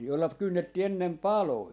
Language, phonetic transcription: Finnish, jolla "kynnettii 'ennem "pàloi .
- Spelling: jolla kynnettiin ennen paloja

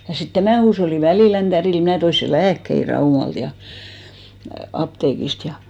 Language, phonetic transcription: Finnish, ja sit 'tämän̬ huusholli 'Välìlän tädil 'mnä̀ toi se "lääkkei "Raumalt ja , 'apteekist ja .
- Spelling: ja sitten tämän huushollin Välilän tädille minä toin sen lääkkeitä Raumalta ja apteekista ja

